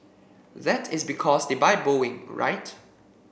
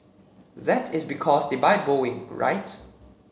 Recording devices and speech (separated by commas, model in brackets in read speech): boundary microphone (BM630), mobile phone (Samsung C7), read sentence